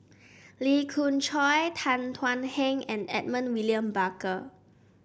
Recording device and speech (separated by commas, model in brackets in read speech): boundary microphone (BM630), read sentence